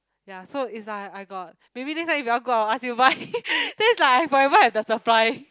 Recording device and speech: close-talking microphone, conversation in the same room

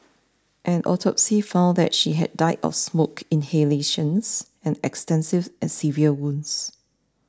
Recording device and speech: standing microphone (AKG C214), read sentence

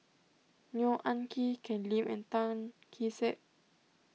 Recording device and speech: mobile phone (iPhone 6), read sentence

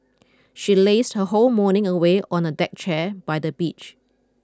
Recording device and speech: close-talking microphone (WH20), read sentence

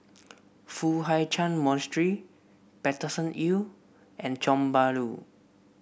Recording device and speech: boundary microphone (BM630), read sentence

